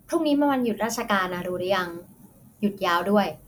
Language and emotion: Thai, neutral